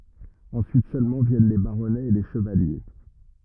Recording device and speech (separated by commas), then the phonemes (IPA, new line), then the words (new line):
rigid in-ear microphone, read sentence
ɑ̃syit sølmɑ̃ vjɛn le baʁɔnɛz e le ʃəvalje
Ensuite seulement viennent les baronnets et les chevaliers.